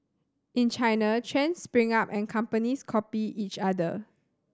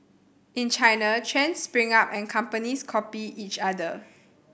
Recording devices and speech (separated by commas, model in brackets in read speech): standing microphone (AKG C214), boundary microphone (BM630), read sentence